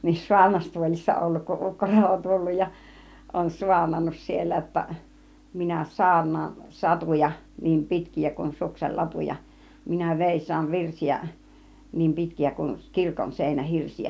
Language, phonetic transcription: Finnish, niin 'suarnastuolissa 'olluk kuˀ 'ˀukko Relo 'tulluj ja , on 'suarnannus siellä (j)otta , » minä "saarn̆naan 'satuja , niim "pitki₍ä kun 'suksel 'latuja , minä 'vèis̆saan 'virsi₍ä , niim "pitki₍ä kuŋ 'kirkon 'sèinä 'hirsi₍ä « .
- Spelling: niin saarnastuolissa ollut kun ukko Relo tullut ja on saarnannut siellä jotta minä saarnaan satuja niin pitkiä kuin suksen latuja minä veisaan virsiä niin pitkiä kuin kirkon - seinähirsiä

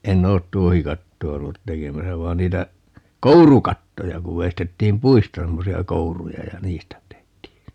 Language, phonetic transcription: Finnish, 'en'n̆ ‿oot "tuohikatto₍a 'ollut "tekemäsä 'vai̮n 'niitä , "kourukattoja 'kuv 'veistettiim "puista 'semmosi₍a "kouruja ja "niistä 'tehtii .
- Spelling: en ole tuohikattoa ollut tekemässä vaan niitä kourukattoja kun veistettiin puista semmoisia kouruja ja niistä tehtiin

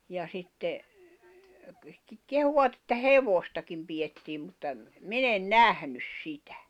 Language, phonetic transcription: Finnish, ja sitte , 'kehuʷat että "hevostakim pijettiim mutta ‿m- , "min ‿en "nähnys 'si"tᴀ̈ .
- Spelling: ja sitten kehuivat että hevostakin pidettiin mutta - minä en nähnyt sitä

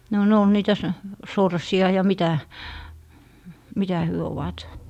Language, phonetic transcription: Finnish, no ne ol 'niitä so- , 'sorsi₍a ja 'mitä , 'mitä hyö ovat .
- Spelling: no ne oli niitä - sorsia ja mitä mitä he ovat

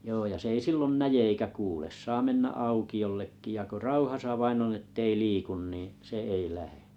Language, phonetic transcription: Finnish, joo ja s ‿ei 'sillon "näje eikä 'kuules 'saa 'mennä "auki₍ollekki ja ko 'rauhasa 'vainn on 'ettei 'liikun niiⁱ̰ , 'se 'ei lähe .
- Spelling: joo ja se ei silloin näe eikä kuule saa mennä aukiollekin ja kun rauhassa vain on että ei liiku niin se ei lähde

